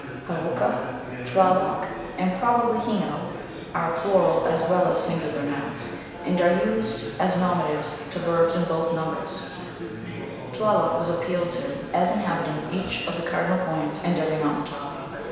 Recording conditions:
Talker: one person; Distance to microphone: 1.7 m; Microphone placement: close; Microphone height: 1.0 m; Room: very reverberant, large; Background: babble

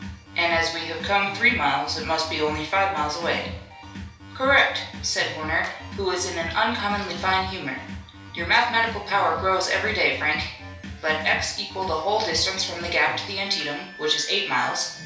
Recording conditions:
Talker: one person; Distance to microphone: 3.0 m; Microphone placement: far; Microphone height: 1.8 m; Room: small (3.7 m by 2.7 m); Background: music

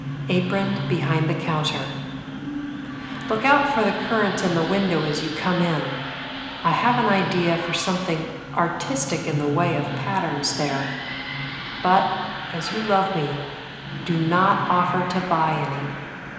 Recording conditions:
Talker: one person; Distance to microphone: 1.7 m; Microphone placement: close; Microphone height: 1.0 m; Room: very reverberant, large; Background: television

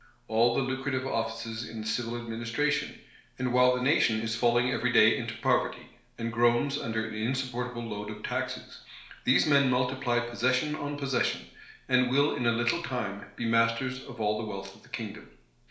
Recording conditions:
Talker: one person; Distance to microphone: 1.0 m; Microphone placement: close; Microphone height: 1.1 m; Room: small (3.7 m by 2.7 m); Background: none

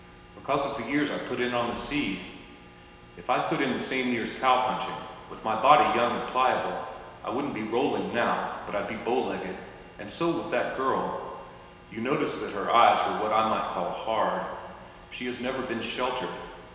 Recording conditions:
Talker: one person; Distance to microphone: 1.7 m; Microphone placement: close; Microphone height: 1.0 m; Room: very reverberant, large; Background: none

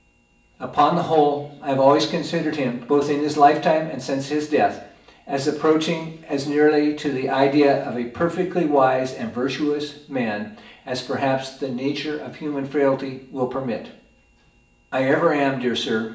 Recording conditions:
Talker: one person; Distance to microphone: 1.8 m; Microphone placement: close; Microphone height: 1.0 m; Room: large; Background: television

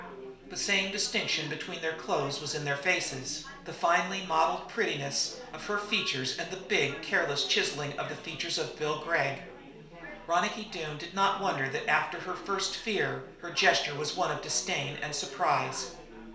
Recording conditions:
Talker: one person; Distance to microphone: 1.0 m; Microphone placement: close; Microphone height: 1.1 m; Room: small (3.7 m by 2.7 m); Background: babble

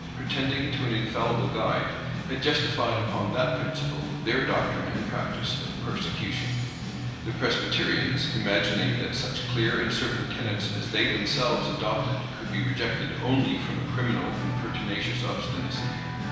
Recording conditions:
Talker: one person; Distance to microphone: 1.7 m; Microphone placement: close; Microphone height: 1.0 m; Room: very reverberant, large; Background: music

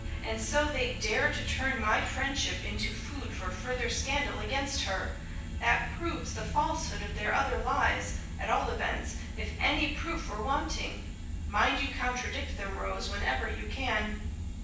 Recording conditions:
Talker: one person; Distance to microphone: 9.8 m; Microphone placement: far; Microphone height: 1.8 m; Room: large; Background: music

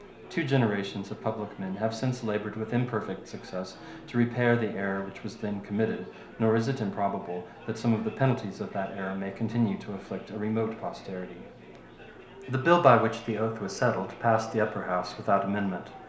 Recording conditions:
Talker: one person; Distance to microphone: 1.0 m; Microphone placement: close; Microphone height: 1.1 m; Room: small (3.7 m by 2.7 m); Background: babble

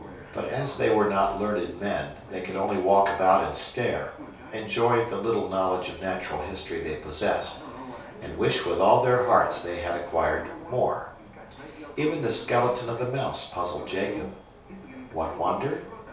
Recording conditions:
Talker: one person; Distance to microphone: 3.0 m; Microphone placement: far; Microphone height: 1.8 m; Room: small (3.7 m by 2.7 m); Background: television

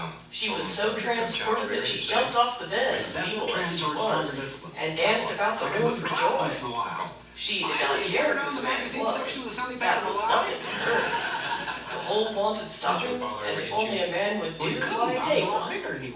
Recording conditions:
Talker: one person; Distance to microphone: 9.8 m; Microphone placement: far; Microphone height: 1.8 m; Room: large; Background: television

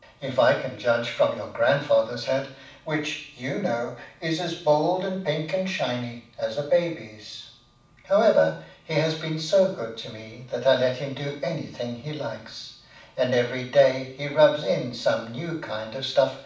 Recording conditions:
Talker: one person; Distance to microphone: 5.8 m; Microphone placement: far; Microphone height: 1.8 m; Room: medium-sized (5.7 m by 4.0 m); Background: none

